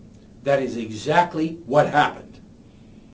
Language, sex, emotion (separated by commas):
English, male, angry